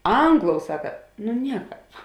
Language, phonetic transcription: Lithuanian, ˈangˌlou ˈsaka nu ˈnieˌkāp

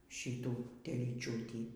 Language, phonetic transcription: Lithuanian, ˈšytų telyˈčiūtį

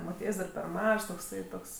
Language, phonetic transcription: Lithuanian, moˈtiejs' dar per ˈmažs tokˈsai ˈtoks

